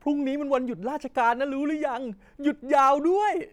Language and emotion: Thai, happy